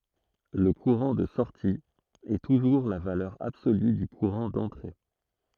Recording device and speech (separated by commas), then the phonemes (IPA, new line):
throat microphone, read sentence
lə kuʁɑ̃ də sɔʁti ɛ tuʒuʁ la valœʁ absoly dy kuʁɑ̃ dɑ̃tʁe